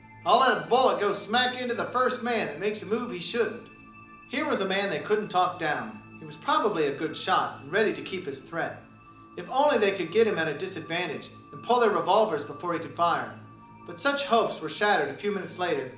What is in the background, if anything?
Music.